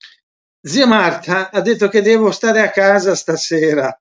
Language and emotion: Italian, happy